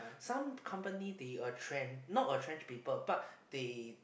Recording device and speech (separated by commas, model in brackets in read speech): boundary microphone, conversation in the same room